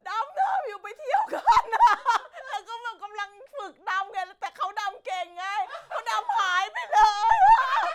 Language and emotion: Thai, happy